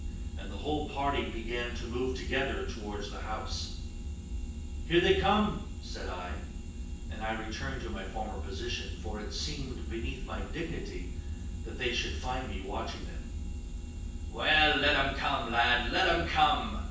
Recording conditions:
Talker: one person; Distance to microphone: 9.8 m; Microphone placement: far; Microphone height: 1.8 m; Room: large; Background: none

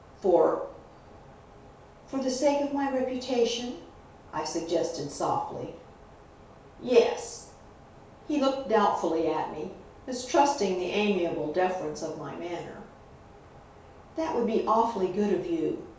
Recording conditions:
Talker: one person; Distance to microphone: 3.0 m; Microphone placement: far; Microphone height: 1.8 m; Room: small (3.7 m by 2.7 m); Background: none

